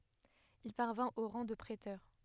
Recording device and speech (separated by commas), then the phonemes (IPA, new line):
headset microphone, read sentence
il paʁvɛ̃t o ʁɑ̃ də pʁetœʁ